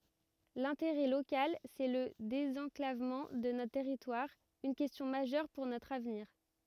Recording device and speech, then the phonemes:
rigid in-ear microphone, read sentence
lɛ̃teʁɛ lokal sɛ lə dezɑ̃klavmɑ̃ də notʁ tɛʁitwaʁ yn kɛstjɔ̃ maʒœʁ puʁ notʁ avniʁ

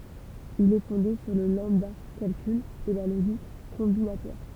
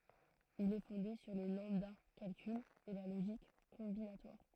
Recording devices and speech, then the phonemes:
temple vibration pickup, throat microphone, read sentence
il ɛ fɔ̃de syʁ lə lɑ̃bdakalkyl e la loʒik kɔ̃binatwaʁ

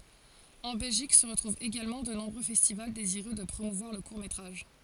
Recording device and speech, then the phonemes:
forehead accelerometer, read sentence
ɑ̃ bɛlʒik sə ʁətʁuvt eɡalmɑ̃ də nɔ̃bʁø fɛstival deziʁø də pʁomuvwaʁ lə kuʁ metʁaʒ

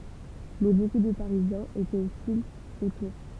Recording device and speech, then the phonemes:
temple vibration pickup, read sentence
mɛ boku də paʁizjɛ̃z etɛt ɔstilz o tuʁ

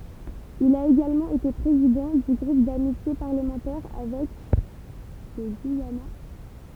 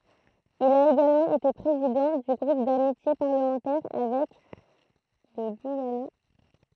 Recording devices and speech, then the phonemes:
temple vibration pickup, throat microphone, read sentence
il a eɡalmɑ̃ ete pʁezidɑ̃ dy ɡʁup damitje paʁləmɑ̃tɛʁ avɛk lə ɡyijana

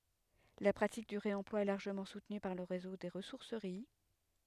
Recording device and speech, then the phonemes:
headset microphone, read sentence
la pʁatik dy ʁeɑ̃plwa ɛ laʁʒəmɑ̃ sutny paʁ lə ʁezo de ʁəsuʁsəʁi

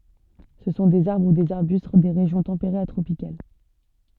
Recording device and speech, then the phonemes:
soft in-ear microphone, read sentence
sə sɔ̃ dez aʁbʁ u dez aʁbyst de ʁeʒjɔ̃ tɑ̃peʁez a tʁopikal

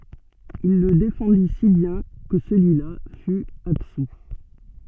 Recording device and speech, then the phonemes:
soft in-ear microphone, read sentence
il lə defɑ̃di si bjɛ̃ kə səlyi la fy absu

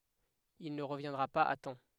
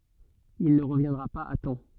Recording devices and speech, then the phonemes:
headset microphone, soft in-ear microphone, read sentence
il nə ʁəvjɛ̃dʁa paz a tɑ̃

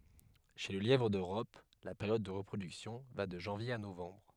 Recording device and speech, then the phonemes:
headset microphone, read sentence
ʃe lə ljɛvʁ døʁɔp la peʁjɔd də ʁəpʁodyksjɔ̃ va də ʒɑ̃vje a novɑ̃bʁ

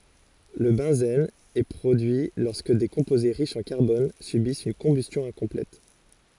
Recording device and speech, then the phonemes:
forehead accelerometer, read sentence
lə bɑ̃zɛn ɛ pʁodyi lɔʁskə de kɔ̃poze ʁiʃz ɑ̃ kaʁbɔn sybist yn kɔ̃bystjɔ̃ ɛ̃kɔ̃plɛt

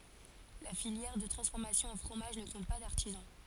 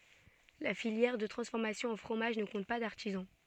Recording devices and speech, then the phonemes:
forehead accelerometer, soft in-ear microphone, read sentence
la filjɛʁ də tʁɑ̃sfɔʁmasjɔ̃ ɑ̃ fʁomaʒ nə kɔ̃t pa daʁtizɑ̃

